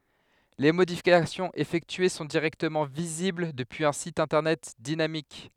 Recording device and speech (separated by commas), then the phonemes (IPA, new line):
headset microphone, read sentence
le modifikasjɔ̃z efɛktye sɔ̃ diʁɛktəmɑ̃ vizibl dəpyiz œ̃ sit ɛ̃tɛʁnɛt dinamik